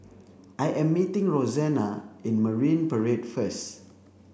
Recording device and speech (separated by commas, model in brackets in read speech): boundary microphone (BM630), read sentence